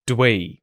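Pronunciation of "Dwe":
'Do we' is said as 'dwe', and the schwa sound in 'do' is not heard at all.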